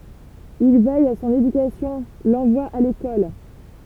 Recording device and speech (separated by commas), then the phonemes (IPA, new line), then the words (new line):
temple vibration pickup, read sentence
il vɛj a sɔ̃n edykasjɔ̃ lɑ̃vwa a lekɔl
Il veille à son éducation, l'envoie à l'école.